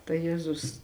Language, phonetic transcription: Lithuanian, tai ˈjėzus

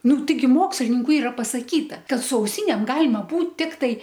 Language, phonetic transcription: Lithuanian, ˈnu taiˈgi ˈmokslininku ˈyra pasaˈkyta ˈkad su auˈsynėm ˈgalima ˈbūt ˈtiktai

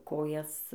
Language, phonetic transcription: Lithuanian, ˈkojas

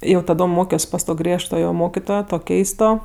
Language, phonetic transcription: Lithuanian, jau taˈdom ˈmokios pas ˈto ˈgriežtojo ˈmokitojo ˈto ˈkeisto

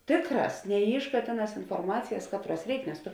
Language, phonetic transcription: Lithuanian, ˈtėkˌrās neˈyšˌkā ˈtėˌnās inforˈmacijas ˈkatˌruos ˈreik nes ˈtu

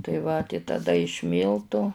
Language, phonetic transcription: Lithuanian, tai ˈva tai taˈda iš ˈmyltu

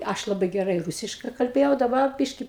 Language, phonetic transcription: Lithuanian, ˈaš ˈlabai geˈrai ˈrūsiškai kalˈbėjau daˈbar ˈbiški

